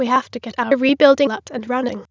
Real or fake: fake